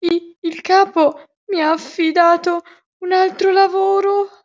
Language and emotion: Italian, fearful